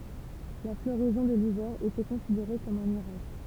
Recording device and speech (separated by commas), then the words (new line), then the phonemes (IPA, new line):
temple vibration pickup, read sentence
La floraison de l'hiver était considérée comme un miracle.
la floʁɛzɔ̃ də livɛʁ etɛ kɔ̃sideʁe kɔm œ̃ miʁakl